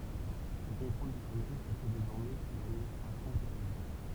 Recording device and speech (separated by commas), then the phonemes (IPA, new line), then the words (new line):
temple vibration pickup, read sentence
lə kɔ̃tʁol dy kanal sə fɛ dezɔʁmɛ suz administʁasjɔ̃ bʁitanik
Le contrôle du canal se fait désormais sous administration britannique.